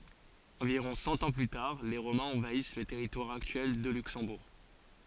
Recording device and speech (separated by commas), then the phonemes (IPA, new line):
forehead accelerometer, read sentence
ɑ̃viʁɔ̃ sɑ̃ ɑ̃ ply taʁ le ʁomɛ̃z ɑ̃vais lə tɛʁitwaʁ aktyɛl də lyksɑ̃buʁ